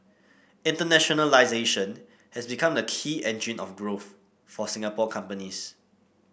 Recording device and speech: boundary microphone (BM630), read sentence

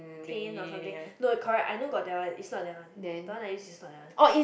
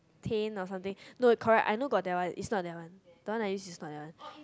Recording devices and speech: boundary microphone, close-talking microphone, conversation in the same room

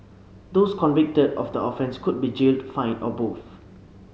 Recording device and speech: mobile phone (Samsung C7), read sentence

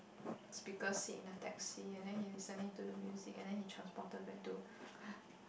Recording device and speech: boundary microphone, conversation in the same room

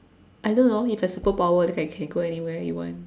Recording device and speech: standing microphone, conversation in separate rooms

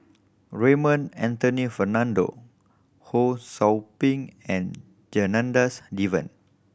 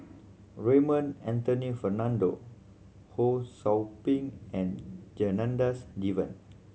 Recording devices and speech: boundary microphone (BM630), mobile phone (Samsung C7100), read sentence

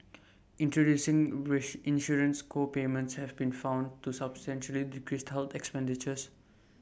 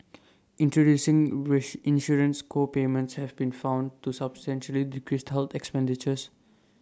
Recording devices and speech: boundary microphone (BM630), standing microphone (AKG C214), read sentence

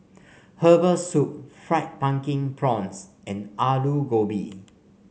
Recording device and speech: mobile phone (Samsung C5), read sentence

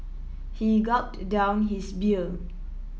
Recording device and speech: mobile phone (iPhone 7), read sentence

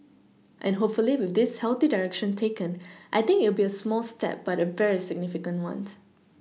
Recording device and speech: mobile phone (iPhone 6), read sentence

